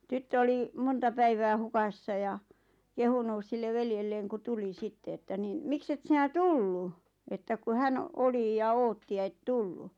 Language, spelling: Finnish, tyttö oli monta päivää hukassa ja kehunut sille veljelleen kun tuli sitten että niin miksi et sinä tullut että kun hän oli ja odotti ja et tullut
- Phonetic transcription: tyttö 'oli , "monta 'päivää "hukassa ja , "kehunùs 'sille 'veljelleeŋ ku "tuli "sitte että 'niin » "mikset sinä "tullu « , että ku "hän , "oli ja "ootti ja » 'et "tullu « .

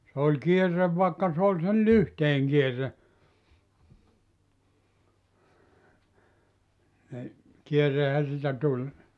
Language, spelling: Finnish, se oli kierre vaikka se oli sen lyhteen kierre niin kierrehän siitä tuli
- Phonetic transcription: sᵉ ‿oĺ 'kierrev vàekka s ‿ooĺ sel "lyhteeŋ 'kierre , ni , 'kierrehä siitä 'tuĺ .

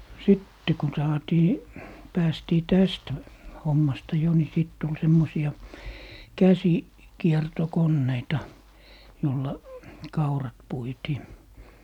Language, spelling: Finnish, sitten kun saatiin päästiin tästä hommasta jo niin sitten tuli semmoisia - käsikiertokoneita jolla kaurat puitiin
- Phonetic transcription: "sitte kun 'saatii , 'päästii "täst , 'hommasta jo ni 'sit tul' 'semmosi₍a , "käsi- , -'kierto'konneita , jolla , "kaurat 'puitii .

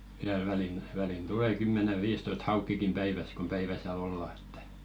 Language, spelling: Finnish, vielä väliin väliin tulee kymmenen viisitoista haukeakin päivässä kun päivä siellä ollaan että
- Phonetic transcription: viäl välin , välin "tule 'kymmene 'viistoist "haukkikim päiväs kom 'päivä sⁱᵃ̈ˡ ‿olla ᴇttᴀ̈ .

